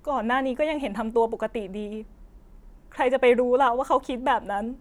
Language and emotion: Thai, sad